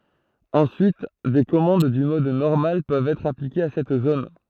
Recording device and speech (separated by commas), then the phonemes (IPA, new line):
throat microphone, read sentence
ɑ̃syit de kɔmɑ̃d dy mɔd nɔʁmal pøvt ɛtʁ aplikez a sɛt zon